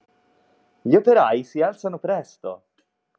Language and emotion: Italian, happy